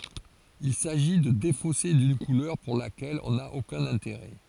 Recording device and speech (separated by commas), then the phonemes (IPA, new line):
forehead accelerometer, read sentence
il saʒi də defose dyn kulœʁ puʁ lakɛl ɔ̃ na okœ̃n ɛ̃teʁɛ